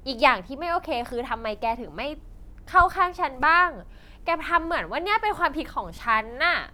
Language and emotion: Thai, frustrated